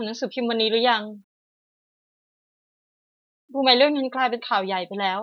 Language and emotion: Thai, sad